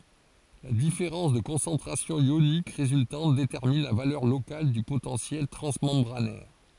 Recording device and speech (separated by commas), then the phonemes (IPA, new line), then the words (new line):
forehead accelerometer, read sentence
la difeʁɑ̃s də kɔ̃sɑ̃tʁasjɔ̃ jonik ʁezyltɑ̃t detɛʁmin la valœʁ lokal dy potɑ̃sjɛl tʁɑ̃smɑ̃bʁanɛʁ
La différence de concentration ionique résultante détermine la valeur locale du potentiel transmembranaire.